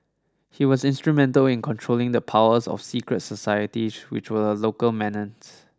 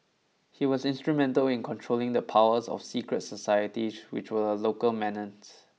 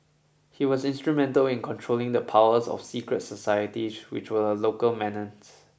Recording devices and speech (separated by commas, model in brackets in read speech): standing microphone (AKG C214), mobile phone (iPhone 6), boundary microphone (BM630), read sentence